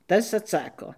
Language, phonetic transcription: Lithuanian, ˈtas atˈsako

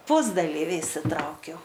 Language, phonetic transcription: Lithuanian, ˈpusdalyvi išsiˈtraukiau

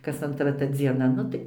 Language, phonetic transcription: Lithuanian, kas antˈra ta dzieˈna ˈnu tai

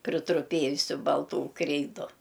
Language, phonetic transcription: Lithuanian, pritruˈpėjusiu balˈtų ˈkreidu

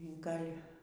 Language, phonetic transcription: Lithuanian, ˈgal'

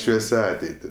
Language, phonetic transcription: Lithuanian, ˈšviesia ˈateiti

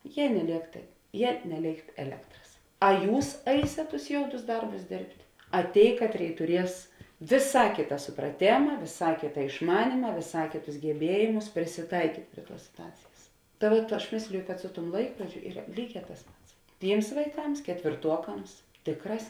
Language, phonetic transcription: Lithuanian, ˈjie neˈlėk tai ˈjie neˈlėikt eˈlektras a ˈjūs ˈaisėt tus ˈjoudus ˈdarbus ˈdėrbt' a ˈtėi ˈkatˌrėi tuˈries vėˈsā ˈkėta supraˈtėma vėˈsā ˈkėta išˈmanyma vėˈsā ˈkėˌtus geˈbiejėmus prisiˈtaikyt' ˈprie ˌtuos situˈacėjas ta ˈvuot ˈaš ˈmėsliju kad ˈsu ˌtuom ˈlaikrodžiu ˈyra ˈlyˌgē tas ˈpats ˈtyms vaiˈkams ketvėrˈtuokams ˈtėkˌrās

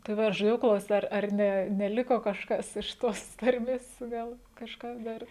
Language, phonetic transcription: Lithuanian, tai ˈva aš žaˈdėjau ˈklaus't' ˈar ar ˈne neˈliko kažˈkas iš ˈtos ˈtarmės ˈgal kažˈkas ˈdar

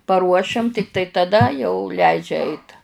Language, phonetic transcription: Lithuanian, paˈruošiam ˈtiktai taˈda jau ˈleidžia ˈeit

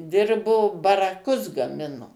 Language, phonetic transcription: Lithuanian, ˈdirbo baraˈkus gaˈmino

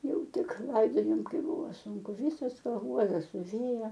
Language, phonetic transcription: Lithuanian, ˈjau ˈtik ˈlaidojom ˈkaip ˈbuvo ˈsūnku ˈvysos paˈguodas suˈvėja

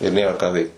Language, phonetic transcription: Lithuanian, ir ˈnėra ką ˈveikt

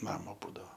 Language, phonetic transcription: Lithuanian, ˈnamo ˈbūdavo

